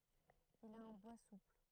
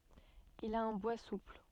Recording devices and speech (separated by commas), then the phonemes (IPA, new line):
throat microphone, soft in-ear microphone, read sentence
il a œ̃ bwa supl